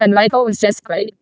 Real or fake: fake